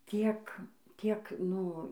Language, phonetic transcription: Lithuanian, ˈtiek ˈtiek ˈnu

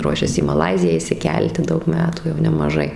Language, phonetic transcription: Lithuanian, ˈruošias į maˈlaiziją išsiˈkelti ˈdaug ˈmetų jau nemaˈžai

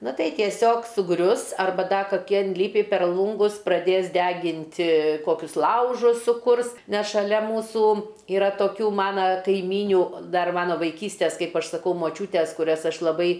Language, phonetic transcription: Lithuanian, ˈna ˈtai tieˈsiog suˈgrius arˈba ˈda kaˈki inˈlipi per ˈlūngus praˈdės ˈdeginti ˈkokius ˈlaužus suˈkurs ˈnes šaˈlia ˈmūsų iˈra toˈkių ˈmana kaiˈmynių ˈdar ˈmano vaiˈkystės ˈkaip ˈaš saˈkau moˈčiūtės kuˈrias ˈaš laˈbai

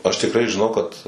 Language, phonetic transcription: Lithuanian, aš tikˈrai žiˈnau kad

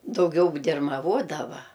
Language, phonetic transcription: Lithuanian, dauˈgiau dirmaˈvodava

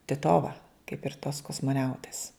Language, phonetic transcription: Lithuanian, tiˈtova kaip ir tos kosmoˈniautės

